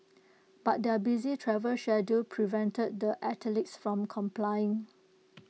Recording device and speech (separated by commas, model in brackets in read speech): mobile phone (iPhone 6), read sentence